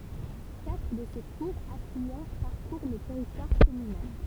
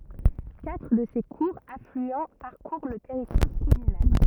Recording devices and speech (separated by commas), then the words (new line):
temple vibration pickup, rigid in-ear microphone, read sentence
Quatre de ses courts affluents parcourent le territoire communal.